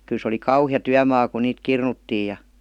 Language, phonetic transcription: Finnish, kyl se oli "kauhija 'tyämaa ku 'niit "kirnuttii ja .
- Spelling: kyllä se oli kauhea työmaa kun niitä kirnuttiin ja

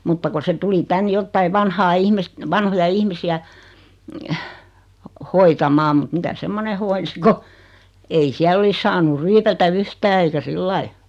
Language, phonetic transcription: Finnish, 'mutta ku se 'tuli "tän 'jottai 'vanhaa "ihmist , 'vanhoja 'ihmisi₍ä , "hoitamaam mᵘt mitä 'semmone hoinsi ko , ei 'siäl ‿olis 'saanu "ryypätä 'v̳yhtää eikä "sillai .
- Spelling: mutta kun se tuli tänne jotakin vanhaa ihmistä vanhoja ihmisiä hoitamaan mutta mitä semmoinen hoiti kun ei siellä olisi saanut ryypätä yhtään eikä sillä lailla

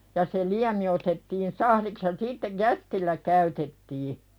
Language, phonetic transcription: Finnish, ja se 'liämi otettiin "sahliks ja 'siitteʲ "jästillä käytettii .
- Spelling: ja se liemi otettiin sahdiksi ja sitten jästillä käytettiin

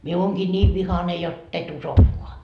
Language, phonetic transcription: Finnish, mie 'ooŋGii 'ńiiv "vihane 'jott ‿e"t ‿usokkoa .
- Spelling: minä olenkin niin vihainen jotta et uskokaan

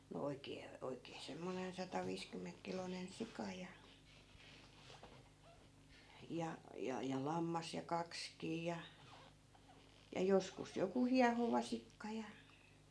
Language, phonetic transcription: Finnish, no 'oik̆kee , 'oik̆kee semmonen sata'viiskymmeŋkkilonen "sika ja , ja , ja ja "lammas ja 'kakskii ja , ja 'joskus joku "hiahovasikka ja ,.
- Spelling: no oikein oikein semmoinen sataviisikymmenkiloinen sika ja ja ja ja lammas ja kaksikin ja ja joskus joku hiehovasikka ja

